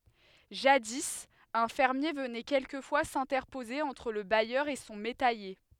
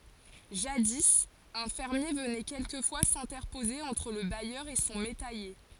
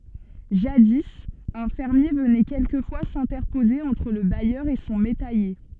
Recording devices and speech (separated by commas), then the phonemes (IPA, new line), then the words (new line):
headset microphone, forehead accelerometer, soft in-ear microphone, read sentence
ʒadi œ̃ fɛʁmje vənɛ kɛlkəfwa sɛ̃tɛʁpoze ɑ̃tʁ lə bajœʁ e sɔ̃ metɛje
Jadis, un fermier venait quelquefois s'interposer entre le bailleur et son métayer.